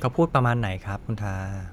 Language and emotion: Thai, neutral